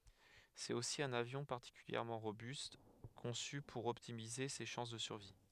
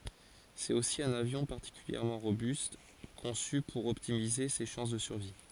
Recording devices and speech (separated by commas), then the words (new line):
headset microphone, forehead accelerometer, read sentence
C'est aussi un avion particulièrement robuste, conçu pour optimiser ses chances de survie.